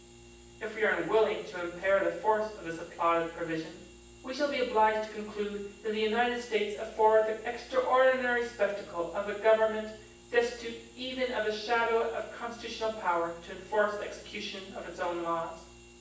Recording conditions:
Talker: one person; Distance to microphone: 9.8 m; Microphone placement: far; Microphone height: 1.8 m; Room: large; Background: none

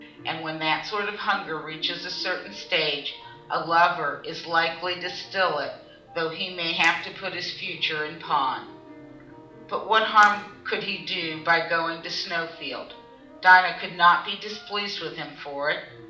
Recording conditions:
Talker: one person; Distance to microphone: 2.0 m; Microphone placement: close; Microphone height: 99 cm; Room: medium-sized (5.7 m by 4.0 m); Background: music

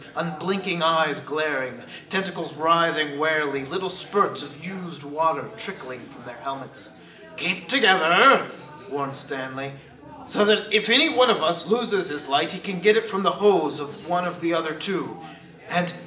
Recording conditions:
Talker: one person; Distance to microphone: 1.8 m; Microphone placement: close; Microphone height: 1.0 m; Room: large; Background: babble

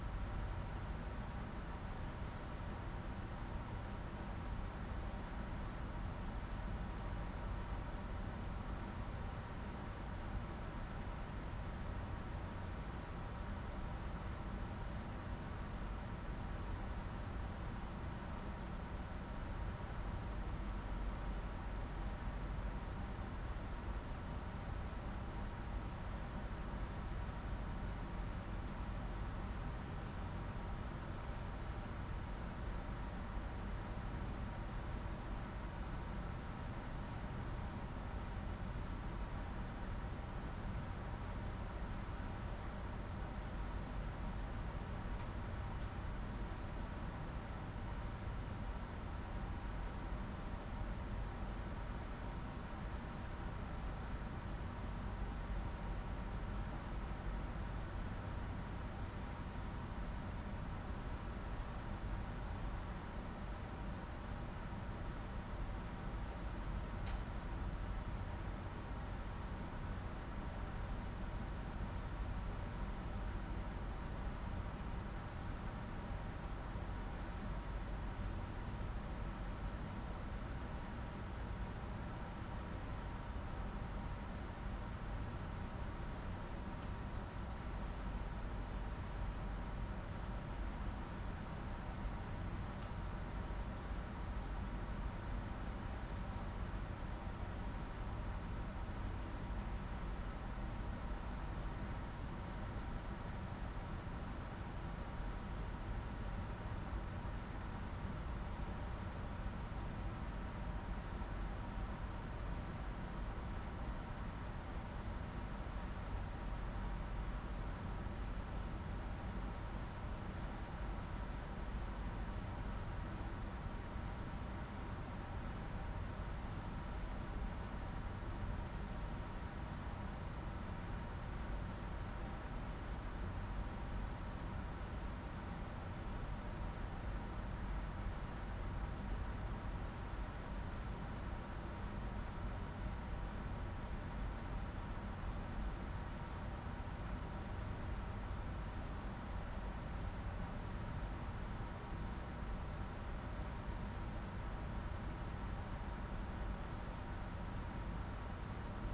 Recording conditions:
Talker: no one; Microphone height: 99 cm; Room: medium-sized (5.7 m by 4.0 m); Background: none

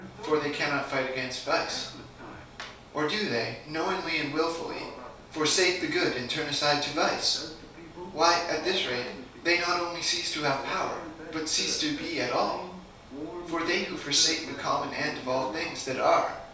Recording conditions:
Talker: one person; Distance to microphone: 3.0 m; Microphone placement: far; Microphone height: 1.8 m; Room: small (3.7 m by 2.7 m); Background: television

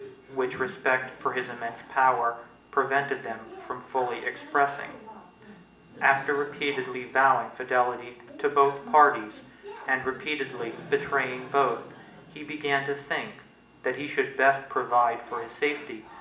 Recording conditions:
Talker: one person; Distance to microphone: 1.8 m; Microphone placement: close; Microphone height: 1.0 m; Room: large; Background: television

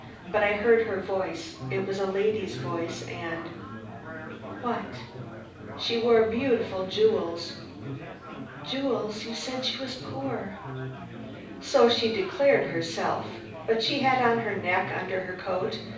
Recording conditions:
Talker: one person; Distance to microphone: 5.8 m; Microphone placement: far; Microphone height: 1.8 m; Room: medium-sized (5.7 m by 4.0 m); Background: babble

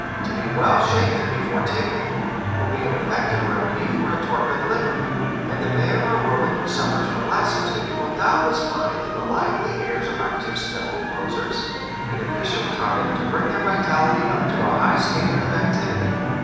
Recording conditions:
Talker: one person; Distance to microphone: 7.1 m; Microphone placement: far; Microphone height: 1.7 m; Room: very reverberant, large; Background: television

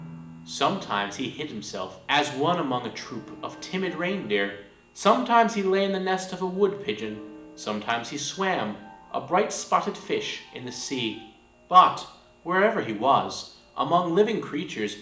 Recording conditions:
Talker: one person; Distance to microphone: 1.8 m; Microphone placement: close; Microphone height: 1.0 m; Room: large; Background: music

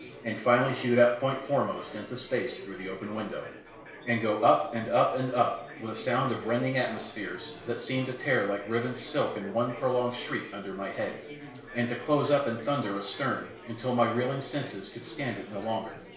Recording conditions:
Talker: one person; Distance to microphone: 1.0 m; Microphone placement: close; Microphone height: 1.1 m; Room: small (3.7 m by 2.7 m); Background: babble

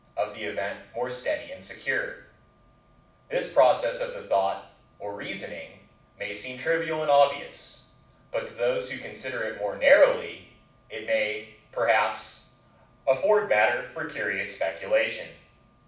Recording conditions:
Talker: one person; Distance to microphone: 5.8 m; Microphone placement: far; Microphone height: 1.8 m; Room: medium-sized (5.7 m by 4.0 m); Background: none

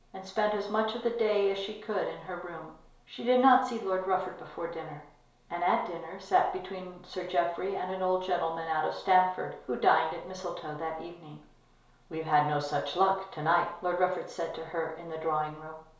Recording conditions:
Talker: one person; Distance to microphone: 1.0 m; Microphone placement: close; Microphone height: 1.1 m; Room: small (3.7 m by 2.7 m); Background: none

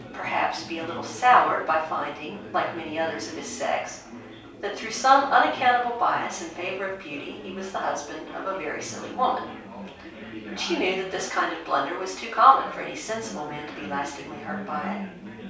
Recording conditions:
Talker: one person; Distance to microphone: 3.0 m; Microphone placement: far; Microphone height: 1.8 m; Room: small (3.7 m by 2.7 m); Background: babble

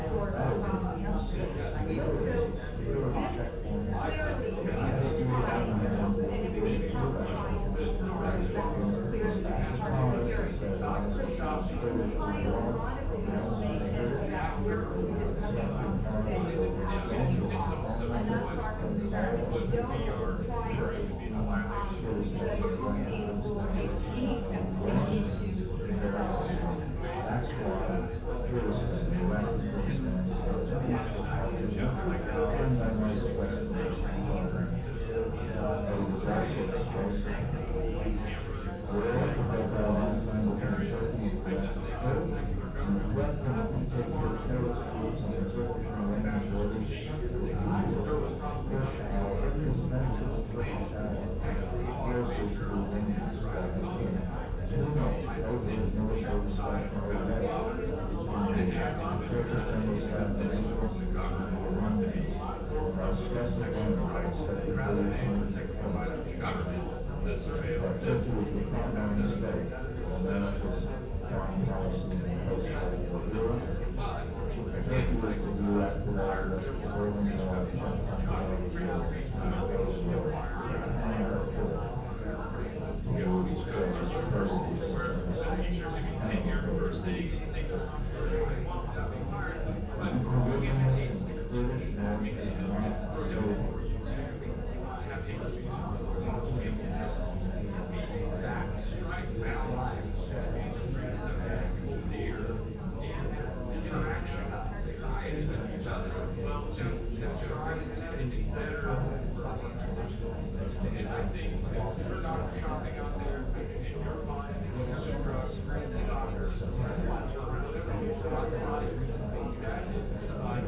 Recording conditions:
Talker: no one; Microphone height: 69 cm; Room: large; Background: babble

